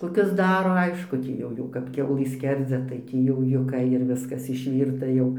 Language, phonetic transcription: Lithuanian, koˈkius ˈdaro ˈaišku ˈtį jau ˈjau kap ˈkiaulɨ ˈskerdzia tai ˈtį jau juˈka ir ˈviskas išˈvyrta jau

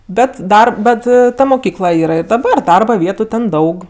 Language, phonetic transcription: Lithuanian, ˈbet ˈdar ˈbet ˈta moˈkykla ˈyra ir daˈbar ˈdarba ˈvietu ten ˈdaug

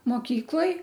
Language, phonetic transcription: Lithuanian, moˈkykloj

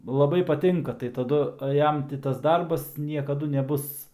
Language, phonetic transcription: Lithuanian, laˈbai paˈtinka tai taˈdu ˈjam ti tas ˈdarbas niekaˈdu neˈbus

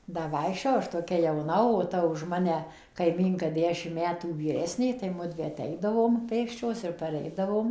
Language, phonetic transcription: Lithuanian, ˈda ˈvaikščiojau ˈaš toˈkia jauˈna o ˈta už ˈmane kaiˈmynka ˈdešim ˈmetų vyˈresnė tai ˈmudvi aˈteidavom ˈpėksčios ir paˈreidavom

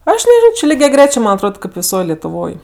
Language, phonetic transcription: Lithuanian, ˈaš neˈžino či ligiaˈgrečė ˈman atˈrod kaip viˈsoj letuˈvoj

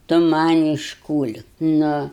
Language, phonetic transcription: Lithuanian, ˈtu ˈman' iškūl'k' nu

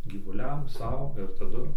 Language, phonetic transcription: Lithuanian, gyvuˈliam ˈsau ir taˈdu

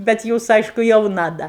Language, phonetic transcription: Lithuanian, bet ˈjūs ˈaišku jauˈna ˈda

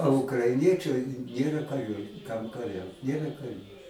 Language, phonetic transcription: Lithuanian, o ukraiˈniečai ˈnėra kaˈrių kam kaˈriaut ˈnėra kaˈrių

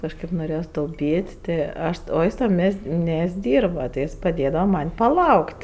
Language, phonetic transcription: Lithuanian, kažˈkaip noˈrėjos tauˈpyt' ˈti ˈaš o ˈjis tam ˈmies't' ˈmies't' ˈdyrba ti ˈjis paˈdėdava ˈman' paˈlauk't'

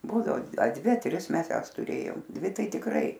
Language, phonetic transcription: Lithuanian, ˈbūdao a ˈdvi a ˈtris ˈmes ˈjąs tuˈrėjom ˈdvi ˈtai tikˈrai

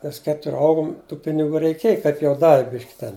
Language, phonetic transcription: Lithuanian, ˈmes ˈketur' ˈaugum tų piniˈgų reiˈkiej kaip jau ˈdavi ˈbiški ten

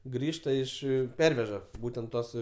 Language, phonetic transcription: Lithuanian, ˈgrįžta iš ˈperveža ˈbūtent ˈtuos

